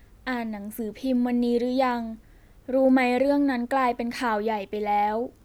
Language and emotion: Thai, neutral